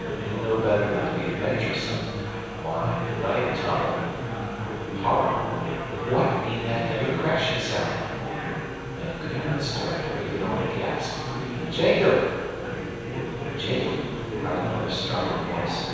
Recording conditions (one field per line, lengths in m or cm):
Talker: one person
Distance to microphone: 7.1 m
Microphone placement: far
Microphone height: 1.7 m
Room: very reverberant, large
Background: babble